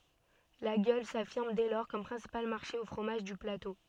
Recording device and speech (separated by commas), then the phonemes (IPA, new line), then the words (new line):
soft in-ear microphone, read sentence
laɡjɔl safiʁm dɛ lɔʁ kɔm pʁɛ̃sipal maʁʃe o fʁomaʒ dy plato
Laguiole s'affirme dès lors comme principal marché aux fromages du plateau.